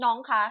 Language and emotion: Thai, angry